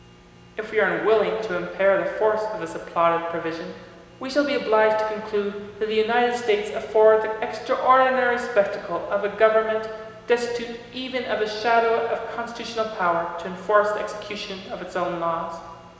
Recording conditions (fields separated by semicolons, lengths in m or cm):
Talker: one person; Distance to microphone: 1.7 m; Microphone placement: close; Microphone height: 1.0 m; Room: very reverberant, large; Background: none